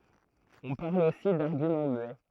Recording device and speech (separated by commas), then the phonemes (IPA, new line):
throat microphone, read sentence
ɔ̃ paʁl osi daʁɡymɑ̃ myɛ